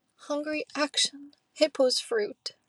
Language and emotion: English, sad